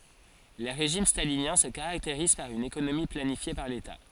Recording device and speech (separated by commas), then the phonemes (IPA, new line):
forehead accelerometer, read sentence
le ʁeʒim stalinjɛ̃ sə kaʁakteʁiz paʁ yn ekonomi planifje paʁ leta